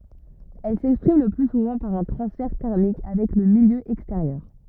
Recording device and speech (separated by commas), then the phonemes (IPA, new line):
rigid in-ear microphone, read sentence
ɛl sɛkspʁim lə ply suvɑ̃ paʁ œ̃ tʁɑ̃sfɛʁ tɛʁmik avɛk lə miljø ɛksteʁjœʁ